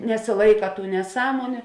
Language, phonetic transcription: Lithuanian, nesiˈlaika tų neˈsąmoniu

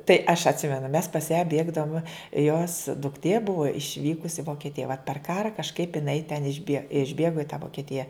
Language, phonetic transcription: Lithuanian, tai aš atˈsimenu mes pas ją ˈbėgdavume jos dukˈtė ˈbuva išˈvykus i vokeˈtija vot per ˈkara kažˈkaip jiˈnai ten išˈbie išˈbėgo i tą vokeˈtija

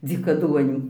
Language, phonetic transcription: Lithuanian, dzykaˈduonių

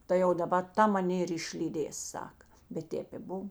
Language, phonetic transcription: Lithuanian, ˈtai jau daˈba ˈta maˈnė ir išlyˈdės ˈsaka bet ˈtėp i ˈbuv

